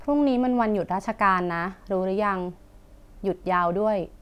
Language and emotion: Thai, neutral